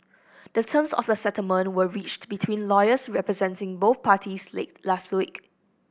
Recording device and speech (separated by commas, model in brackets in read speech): boundary microphone (BM630), read sentence